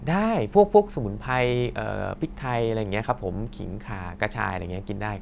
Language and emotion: Thai, neutral